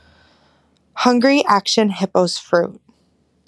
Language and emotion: English, disgusted